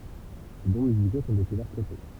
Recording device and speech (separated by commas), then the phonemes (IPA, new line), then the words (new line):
temple vibration pickup, read sentence
se dɔ̃ myziko sɔ̃ dekuvɛʁ tʁɛ tɔ̃
Ses dons musicaux sont découverts très tôt.